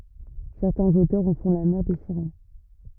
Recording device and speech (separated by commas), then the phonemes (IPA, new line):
rigid in-ear microphone, read sentence
sɛʁtɛ̃z otœʁz ɑ̃ fɔ̃ la mɛʁ de siʁɛn